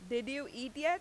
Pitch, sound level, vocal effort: 265 Hz, 92 dB SPL, very loud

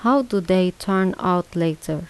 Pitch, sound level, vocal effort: 185 Hz, 80 dB SPL, soft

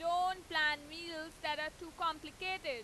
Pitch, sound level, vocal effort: 320 Hz, 100 dB SPL, very loud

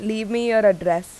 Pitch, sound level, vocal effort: 215 Hz, 88 dB SPL, loud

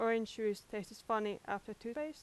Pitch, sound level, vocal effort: 220 Hz, 86 dB SPL, loud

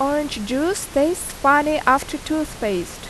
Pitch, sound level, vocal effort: 285 Hz, 85 dB SPL, loud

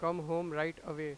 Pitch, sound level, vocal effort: 165 Hz, 96 dB SPL, loud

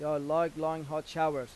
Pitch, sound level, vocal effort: 155 Hz, 93 dB SPL, loud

